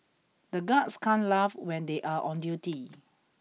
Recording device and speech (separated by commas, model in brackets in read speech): mobile phone (iPhone 6), read sentence